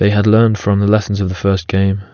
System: none